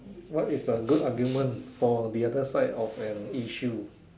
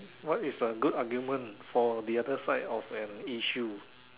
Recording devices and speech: standing microphone, telephone, conversation in separate rooms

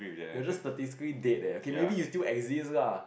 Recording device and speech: boundary microphone, conversation in the same room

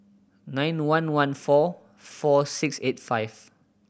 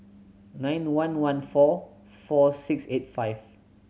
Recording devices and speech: boundary microphone (BM630), mobile phone (Samsung C7100), read sentence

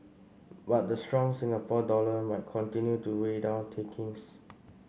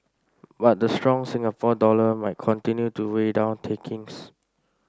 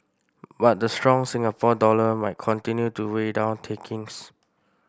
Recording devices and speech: mobile phone (Samsung C5), standing microphone (AKG C214), boundary microphone (BM630), read sentence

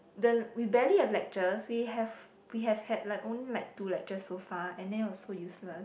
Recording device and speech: boundary microphone, conversation in the same room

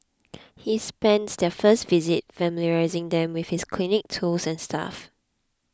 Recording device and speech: close-talking microphone (WH20), read sentence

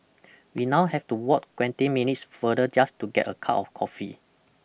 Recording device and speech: boundary microphone (BM630), read sentence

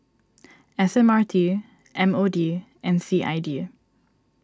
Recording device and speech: standing microphone (AKG C214), read sentence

